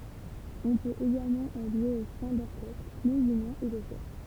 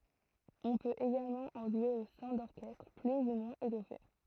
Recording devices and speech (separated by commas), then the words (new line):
temple vibration pickup, throat microphone, read sentence
On peut également en jouer au sein d'orchestres plus ou moins étoffés.